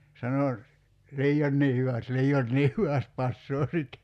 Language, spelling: Finnish, sanoi liioinkin hyvästi liioinkin hyvästi passaa sitten
- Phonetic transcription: 'sano , » 'lii₍onnii hyväst , 'lii₍onnii hyväst 'passoo sit « .

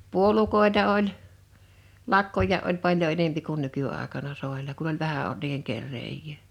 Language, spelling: Finnish, puolukoita oli lakkojakin oli paljon enempi kuin nykyaikana soilla kun oli vähän ollut niiden kerääjää
- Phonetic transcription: 'puolukòeta oĺ , 'lakkoj̆jà ’oĺ 'paljo enempi kun 'nyky₍àekana 'sòel̆la kun ‿oĺ "vähä ol(t) niiheŋ 'kerreej̀è .

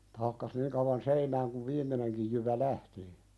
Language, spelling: Finnish, että hakkasi niin kauan seinään kun viimeinenkin jyvä lähti
- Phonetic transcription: [et]tᴀ̈ hakkas 'niiŋ kauwan "seinääŋ kuv 'viim̆meneŋkij jyvä "lähti .

